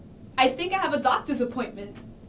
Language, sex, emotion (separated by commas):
English, female, neutral